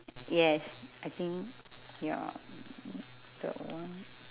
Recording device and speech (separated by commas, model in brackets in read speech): telephone, conversation in separate rooms